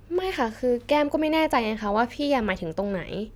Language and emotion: Thai, frustrated